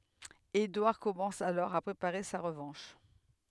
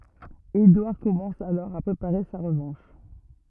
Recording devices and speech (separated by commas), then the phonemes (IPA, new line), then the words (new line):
headset microphone, rigid in-ear microphone, read sentence
edwaʁ kɔmɑ̃s alɔʁ a pʁepaʁe sa ʁəvɑ̃ʃ
Édouard commence alors à préparer sa revanche.